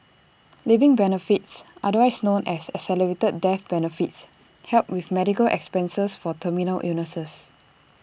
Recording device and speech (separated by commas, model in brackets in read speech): boundary microphone (BM630), read sentence